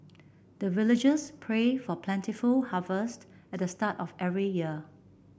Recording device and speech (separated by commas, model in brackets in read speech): boundary microphone (BM630), read sentence